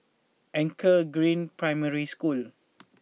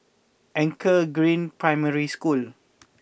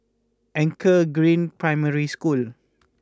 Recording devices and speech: mobile phone (iPhone 6), boundary microphone (BM630), close-talking microphone (WH20), read sentence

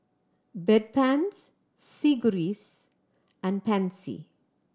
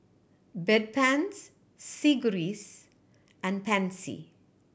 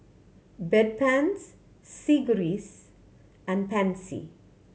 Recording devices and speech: standing microphone (AKG C214), boundary microphone (BM630), mobile phone (Samsung C7100), read sentence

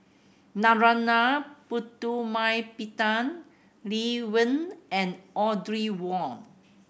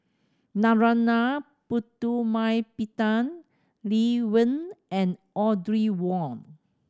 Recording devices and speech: boundary microphone (BM630), standing microphone (AKG C214), read sentence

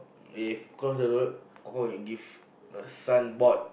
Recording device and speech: boundary microphone, conversation in the same room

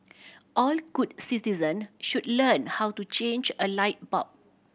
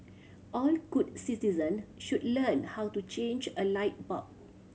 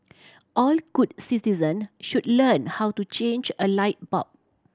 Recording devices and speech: boundary microphone (BM630), mobile phone (Samsung C7100), standing microphone (AKG C214), read sentence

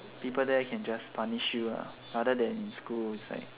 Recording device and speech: telephone, conversation in separate rooms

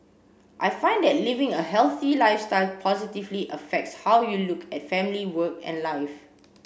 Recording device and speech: boundary microphone (BM630), read sentence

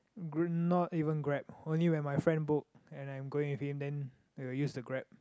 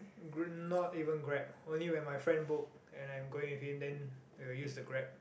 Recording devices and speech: close-talking microphone, boundary microphone, conversation in the same room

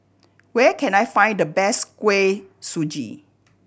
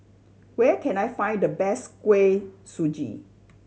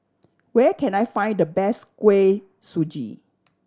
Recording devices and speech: boundary microphone (BM630), mobile phone (Samsung C7100), standing microphone (AKG C214), read sentence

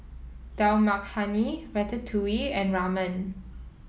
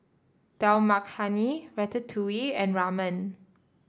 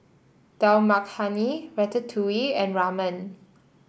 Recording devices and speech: mobile phone (iPhone 7), standing microphone (AKG C214), boundary microphone (BM630), read sentence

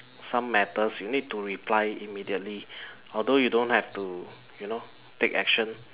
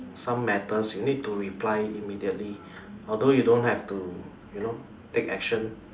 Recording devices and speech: telephone, standing microphone, conversation in separate rooms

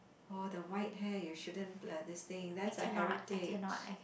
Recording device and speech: boundary microphone, conversation in the same room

